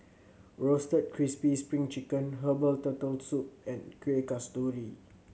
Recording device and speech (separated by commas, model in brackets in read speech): mobile phone (Samsung C7100), read sentence